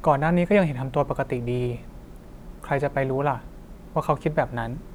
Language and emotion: Thai, neutral